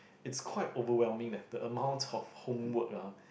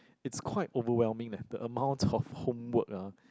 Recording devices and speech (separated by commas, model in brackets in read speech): boundary microphone, close-talking microphone, conversation in the same room